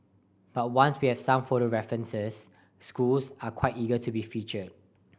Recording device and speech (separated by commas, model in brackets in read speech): boundary microphone (BM630), read sentence